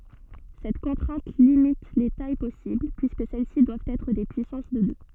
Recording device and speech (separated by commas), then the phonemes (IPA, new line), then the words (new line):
soft in-ear microphone, read sentence
sɛt kɔ̃tʁɛ̃t limit le taj pɔsibl pyiskə sɛl si dwavt ɛtʁ de pyisɑ̃s də dø
Cette contrainte limite les tailles possibles, puisque celles-ci doivent être des puissances de deux.